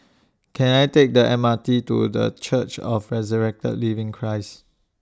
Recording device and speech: standing microphone (AKG C214), read sentence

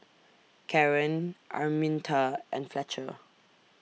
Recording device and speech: mobile phone (iPhone 6), read sentence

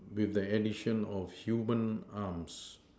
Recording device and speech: standing microphone, conversation in separate rooms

